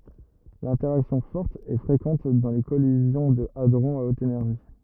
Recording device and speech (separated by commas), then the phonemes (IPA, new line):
rigid in-ear microphone, read sentence
lɛ̃tɛʁaksjɔ̃ fɔʁt ɛ fʁekɑ̃t dɑ̃ le kɔlizjɔ̃ də adʁɔ̃z a ot enɛʁʒi